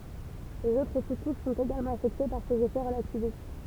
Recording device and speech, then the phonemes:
temple vibration pickup, read sentence
lez otʁ su kuʃ sɔ̃t eɡalmɑ̃ afɛkte paʁ sez efɛ ʁəlativist

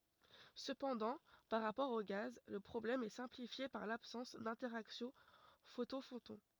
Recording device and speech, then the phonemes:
rigid in-ear microphone, read sentence
səpɑ̃dɑ̃ paʁ ʁapɔʁ o ɡaz lə pʁɔblɛm ɛ sɛ̃plifje paʁ labsɑ̃s dɛ̃tɛʁaksjɔ̃ fotɔ̃ fotɔ̃

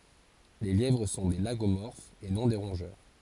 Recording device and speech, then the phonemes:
forehead accelerometer, read sentence
le ljɛvʁ sɔ̃ de laɡomɔʁfz e nɔ̃ de ʁɔ̃ʒœʁ

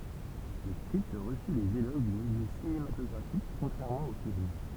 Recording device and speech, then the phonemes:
temple vibration pickup, read sentence
lə skʁipt ʁəsy lez eloʒ dy miljø sinematɔɡʁafik kɔ̃tʁɛʁmɑ̃ o film

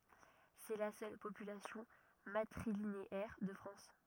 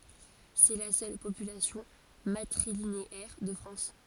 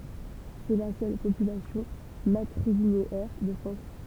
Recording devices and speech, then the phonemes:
rigid in-ear microphone, forehead accelerometer, temple vibration pickup, read sentence
sɛ la sœl popylasjɔ̃ matʁilineɛʁ də fʁɑ̃s

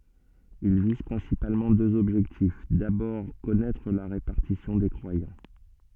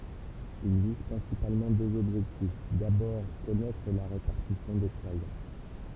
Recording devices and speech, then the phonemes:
soft in-ear microphone, temple vibration pickup, read sentence
il viz pʁɛ̃sipalmɑ̃ døz ɔbʒɛktif dabɔʁ kɔnɛtʁ la ʁepaʁtisjɔ̃ de kʁwajɑ̃

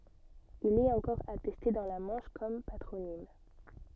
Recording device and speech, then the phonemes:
soft in-ear microphone, read sentence
il ɛt ɑ̃kɔʁ atɛste dɑ̃ la mɑ̃ʃ kɔm patʁonim

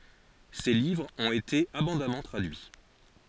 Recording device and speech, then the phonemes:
forehead accelerometer, read sentence
se livʁz ɔ̃t ete abɔ̃damɑ̃ tʁadyi

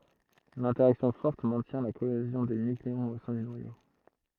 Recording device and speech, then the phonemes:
throat microphone, read sentence
lɛ̃tɛʁaksjɔ̃ fɔʁt mɛ̃tjɛ̃ la koezjɔ̃ de nykleɔ̃z o sɛ̃ dy nwajo

